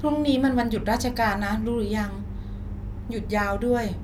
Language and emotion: Thai, neutral